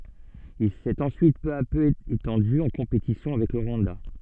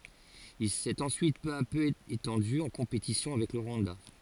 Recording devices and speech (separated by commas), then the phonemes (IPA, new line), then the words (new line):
soft in-ear microphone, forehead accelerometer, read sentence
il sɛt ɑ̃syit pø a pø etɑ̃dy ɑ̃ kɔ̃petisjɔ̃ avɛk lə ʁwɑ̃da
Il s'est ensuite peu à peu étendu, en compétition avec le Rwanda.